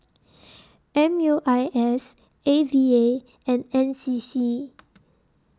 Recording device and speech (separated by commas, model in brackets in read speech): standing microphone (AKG C214), read sentence